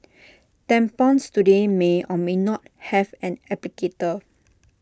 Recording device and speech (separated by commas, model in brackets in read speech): standing microphone (AKG C214), read sentence